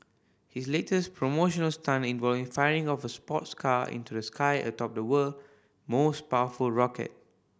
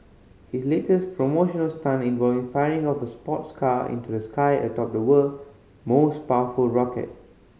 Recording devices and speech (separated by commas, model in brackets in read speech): boundary microphone (BM630), mobile phone (Samsung C5010), read sentence